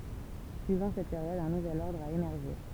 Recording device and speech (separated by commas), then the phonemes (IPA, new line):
temple vibration pickup, read sentence
syivɑ̃ sɛt peʁjɔd œ̃ nuvɛl ɔʁdʁ a emɛʁʒe